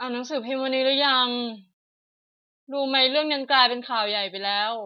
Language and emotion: Thai, frustrated